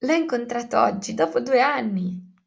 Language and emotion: Italian, happy